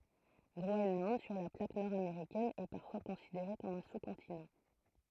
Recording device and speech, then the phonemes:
throat microphone, read sentence
ɡʁoɛnlɑ̃d syʁ la plak nɔʁ ameʁikɛn ɛ paʁfwa kɔ̃sideʁe kɔm œ̃ su kɔ̃tinɑ̃

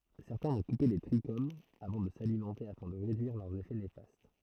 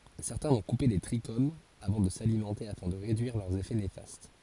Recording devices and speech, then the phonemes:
throat microphone, forehead accelerometer, read sentence
sɛʁtɛ̃ vɔ̃ kupe le tʁiʃomz avɑ̃ də salimɑ̃te afɛ̃ də ʁedyiʁ lœʁz efɛ nefast

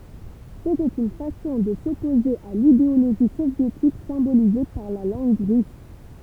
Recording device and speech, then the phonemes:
temple vibration pickup, read sentence
setɛt yn fasɔ̃ də sɔpoze a lideoloʒi sovjetik sɛ̃bolize paʁ la lɑ̃ɡ ʁys

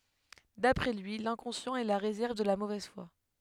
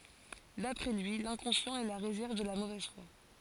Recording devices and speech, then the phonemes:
headset microphone, forehead accelerometer, read sentence
dapʁɛ lyi lɛ̃kɔ̃sjɑ̃t ɛ la ʁezɛʁv də la movɛz fwa

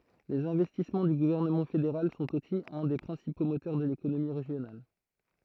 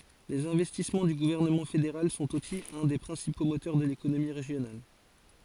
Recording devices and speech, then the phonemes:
throat microphone, forehead accelerometer, read sentence
lez ɛ̃vɛstismɑ̃ dy ɡuvɛʁnəmɑ̃ fedeʁal sɔ̃t osi œ̃ de pʁɛ̃sipo motœʁ də lekonomi ʁeʒjonal

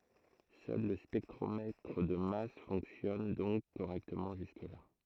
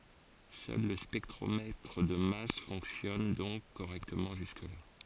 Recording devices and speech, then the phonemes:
throat microphone, forehead accelerometer, read sentence
sœl lə spɛktʁomɛtʁ də mas fɔ̃ksjɔn dɔ̃k koʁɛktəmɑ̃ ʒyskəla

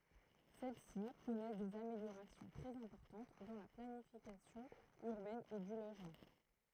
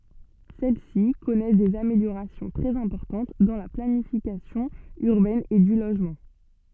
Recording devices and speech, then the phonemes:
throat microphone, soft in-ear microphone, read sentence
sɛl si kɔnɛs dez ameljoʁasjɔ̃ tʁɛz ɛ̃pɔʁtɑ̃t dɑ̃ la planifikasjɔ̃ yʁbɛn e dy loʒmɑ̃

